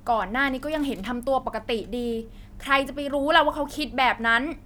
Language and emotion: Thai, frustrated